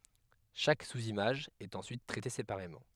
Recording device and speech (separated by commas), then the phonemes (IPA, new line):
headset microphone, read sentence
ʃak suzimaʒ ɛt ɑ̃syit tʁɛte sepaʁemɑ̃